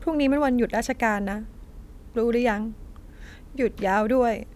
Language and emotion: Thai, sad